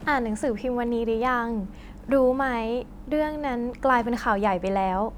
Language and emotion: Thai, happy